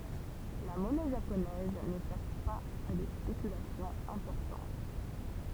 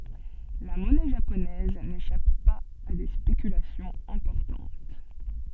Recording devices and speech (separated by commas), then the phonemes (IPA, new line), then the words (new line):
temple vibration pickup, soft in-ear microphone, read sentence
la mɔnɛ ʒaponɛz neʃap paz a de spekylasjɔ̃z ɛ̃pɔʁtɑ̃t
La monnaie japonaise n'échappe pas à des spéculations importantes.